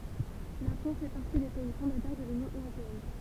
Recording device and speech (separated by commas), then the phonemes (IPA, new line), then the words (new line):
temple vibration pickup, read sentence
la fʁɑ̃s fɛ paʁti de pɛi fɔ̃datœʁ də lynjɔ̃ øʁopeɛn
La France fait partie des pays fondateurs de l'Union européenne.